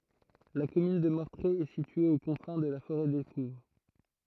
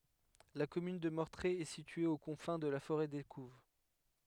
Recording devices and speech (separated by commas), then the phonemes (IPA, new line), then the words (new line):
throat microphone, headset microphone, read sentence
la kɔmyn də mɔʁtʁe ɛ sitye o kɔ̃fɛ̃ də la foʁɛ dekuv
La commune de Mortrée est située aux confins de la forêt d'Écouves.